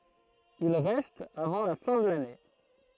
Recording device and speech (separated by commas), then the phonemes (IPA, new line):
throat microphone, read sentence
il ʁɛst avɑ̃ la fɛ̃ də lane